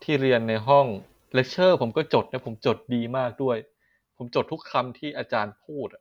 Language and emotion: Thai, frustrated